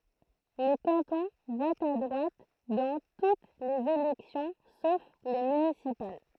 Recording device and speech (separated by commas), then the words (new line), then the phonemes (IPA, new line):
throat microphone, read sentence
Le canton vote à droite dans toutes les élections sauf les municipales.
lə kɑ̃tɔ̃ vɔt a dʁwat dɑ̃ tut lez elɛksjɔ̃ sof le mynisipal